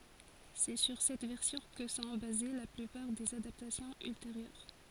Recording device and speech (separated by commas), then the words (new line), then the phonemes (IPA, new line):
forehead accelerometer, read sentence
C'est sur cette version que sont basées la plupart des adaptations ultérieures.
sɛ syʁ sɛt vɛʁsjɔ̃ kə sɔ̃ baze la plypaʁ dez adaptasjɔ̃z ylteʁjœʁ